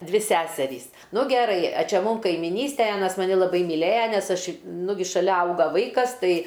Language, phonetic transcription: Lithuanian, ˈdvi ˈseserys ˈnu geˈrai a ˈčia ˈmūm kaimiˈnystej ˈanas maˈni laˈbai myˈlėja nes ˈaš ˈnugi šaˈlia ˈauga ˈvaikas ˈtai

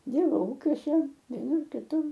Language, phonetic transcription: Lithuanian, ˈdyrbau ˈūkiuose vieˈnur kiˈtur

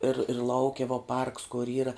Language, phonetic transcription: Lithuanian, ir ir ˈlauke va parks kur ˈyra

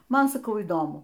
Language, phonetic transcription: Lithuanian, ˈman saˈkau įˈdomu

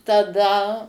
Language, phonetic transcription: Lithuanian, taˈda

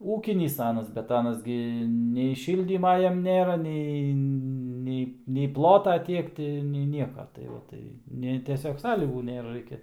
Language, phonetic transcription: Lithuanian, ˈūkinys ˈanas bet ˈanas gi nei ˈšyldyma ˈjam ˈnėra ˈnei ˈnei nei ˈplota ˈtiek ti ˈnei ˈnieka tai ˈva tai ˈne teˈsiog ˈsąlygų ˈnėra ˈraikia

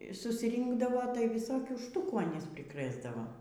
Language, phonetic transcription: Lithuanian, susˈrynkdavo tai viˈsokių ˈštukų aˈnys priˈkrɘsdava

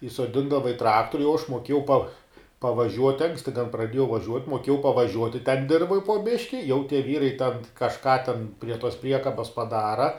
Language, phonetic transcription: Lithuanian, įsoˈdindava i ˈtraktoriu jau aš moˈkėjau pa pavaˈžiuoti ˈanksti ten praˈdiejau vaˈžiuot' moˈkiejau pavaˈžiuoti ten ˈdirvoj po ˈbiški jau tie ˈvyrai ten kažˈką ten prie tos ˈpriekabas paˈdara

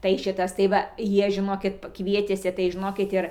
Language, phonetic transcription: Lithuanian, tai ˈšitas tai ˈva ˈjie žiˈnokit ˈkvietėsi tai žiˈnokit ˈir

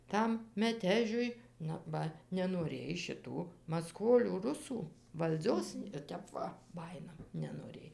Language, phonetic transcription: Lithuanian, ˈtam meˈtežiui ˈnu ˈba nenoˈrėj šiˈtų maˈskolių ˈrusų valˈdzios i ˈtep va ˈbajina nenoˈrėj

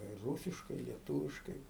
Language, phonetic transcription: Lithuanian, ir ˈrūsiškai i lieˈtūviškai

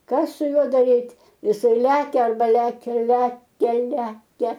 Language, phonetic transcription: Lithuanian, ˈkas su ˈjuo daˈryt' jiˈsai ˈlekia arba ˈlekia ˈlekia ˈlekia

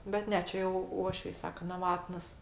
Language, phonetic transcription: Lithuanian, bet ˈne ˈčia jau ˈuošviai ˈsaka naˈvatnas

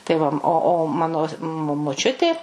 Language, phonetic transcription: Lithuanian, tai ˈva ˈo o ˈmano mo moˈčiutė

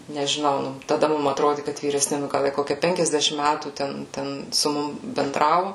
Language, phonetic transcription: Lithuanian, nežiˈnau nu taˈda ˈmum atˈrodi kad vyresˈni nu ˈgal ˈjie ˈkokia ˈpenkiasdešim ˈmætų ˈten ˈten su ˈmum benˈdravu

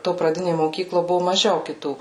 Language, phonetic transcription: Lithuanian, to praˈdinė moˈkyklo ˈbuvo maˈžiau kiˈtų

